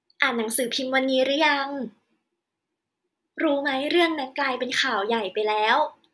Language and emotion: Thai, happy